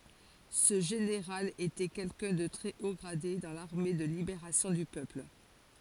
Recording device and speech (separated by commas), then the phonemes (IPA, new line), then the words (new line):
forehead accelerometer, read sentence
sə ʒeneʁal etɛ kɛlkœ̃ də tʁɛ o ɡʁade dɑ̃ laʁme də libeʁasjɔ̃ dy pøpl
Ce général était quelqu'un de très haut gradé dans l'armée de Libération du Peuple.